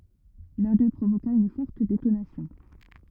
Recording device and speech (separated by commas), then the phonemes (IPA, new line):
rigid in-ear microphone, read sentence
lœ̃ dø pʁovoka yn fɔʁt detonasjɔ̃